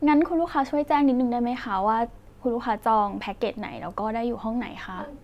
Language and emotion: Thai, neutral